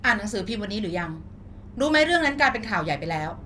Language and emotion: Thai, frustrated